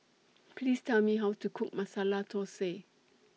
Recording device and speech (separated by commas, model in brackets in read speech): mobile phone (iPhone 6), read sentence